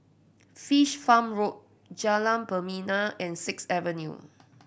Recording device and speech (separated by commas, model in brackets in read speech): boundary microphone (BM630), read sentence